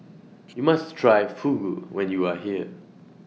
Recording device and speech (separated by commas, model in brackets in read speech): mobile phone (iPhone 6), read sentence